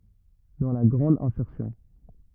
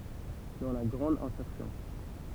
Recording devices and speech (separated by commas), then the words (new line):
rigid in-ear microphone, temple vibration pickup, read sentence
Dans la grande insertion.